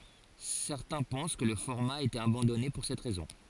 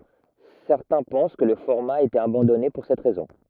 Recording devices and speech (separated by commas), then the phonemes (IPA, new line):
forehead accelerometer, rigid in-ear microphone, read sentence
sɛʁtɛ̃ pɑ̃s kə lə fɔʁma a ete abɑ̃dɔne puʁ sɛt ʁɛzɔ̃